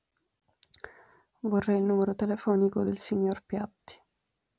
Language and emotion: Italian, sad